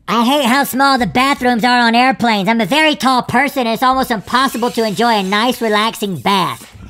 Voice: high pitched voice